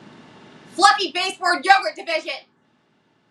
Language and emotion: English, angry